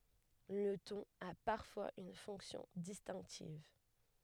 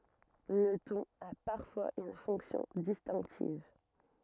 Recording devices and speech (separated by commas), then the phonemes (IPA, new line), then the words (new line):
headset microphone, rigid in-ear microphone, read sentence
lə tɔ̃n a paʁfwaz yn fɔ̃ksjɔ̃ distɛ̃ktiv
Le ton a parfois une fonction distinctive.